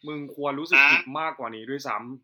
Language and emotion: Thai, frustrated